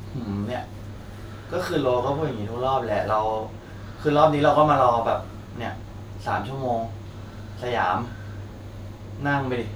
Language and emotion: Thai, frustrated